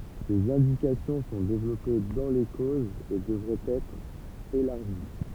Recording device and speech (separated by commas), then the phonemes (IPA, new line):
temple vibration pickup, read sentence
sez ɛ̃dikasjɔ̃ sɔ̃ devlɔpe dɑ̃ le kozz e dəvʁɛt ɛtʁ elaʁʒi